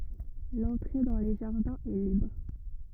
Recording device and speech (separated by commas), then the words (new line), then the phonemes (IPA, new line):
rigid in-ear microphone, read sentence
L'entrée dans les jardins est libre.
lɑ̃tʁe dɑ̃ le ʒaʁdɛ̃z ɛ libʁ